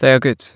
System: none